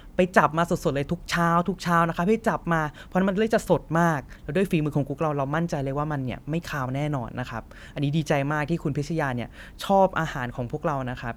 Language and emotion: Thai, happy